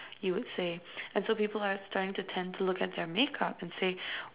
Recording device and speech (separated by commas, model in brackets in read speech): telephone, conversation in separate rooms